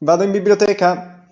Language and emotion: Italian, happy